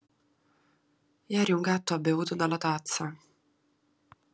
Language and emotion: Italian, sad